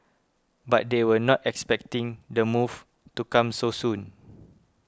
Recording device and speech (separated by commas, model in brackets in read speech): close-talking microphone (WH20), read sentence